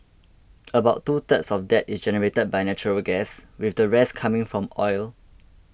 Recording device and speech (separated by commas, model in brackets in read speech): boundary microphone (BM630), read sentence